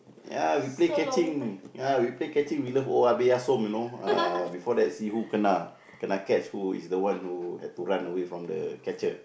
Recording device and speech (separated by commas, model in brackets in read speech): boundary microphone, conversation in the same room